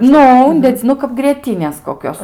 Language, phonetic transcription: Lithuanian, ˈnu ˈundedzi ˈnu kap grieˈtynės koˈkios

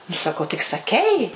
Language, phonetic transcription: Lithuanian, nu saˈkau tik saˈkei

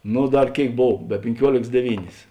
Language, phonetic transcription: Lithuanian, ˈnu ˈdar ˈkėik ˈbov be pinˈkiuolėks deˈvynės

